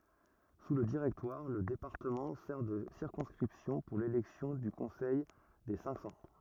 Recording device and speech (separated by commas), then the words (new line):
rigid in-ear microphone, read sentence
Sous le Directoire, le département sert de circonscription pour l'élection du Conseil des Cinq-Cents.